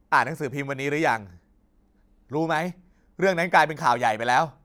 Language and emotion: Thai, angry